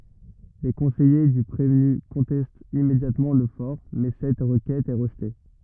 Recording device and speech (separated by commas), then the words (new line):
rigid in-ear microphone, read sentence
Les conseillers du prévenu contestent immédiatement le for, mais cette requête est rejetée.